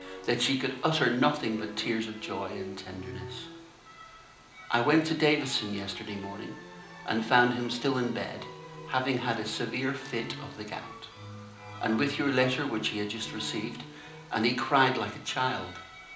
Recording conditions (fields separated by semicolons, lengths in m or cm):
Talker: one person; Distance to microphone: 2.0 m; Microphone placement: close; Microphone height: 99 cm; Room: medium-sized (5.7 m by 4.0 m); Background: music